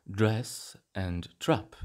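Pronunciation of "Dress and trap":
This is a Standard Southern British pronunciation, with more open vowels in 'dress' and 'trap'.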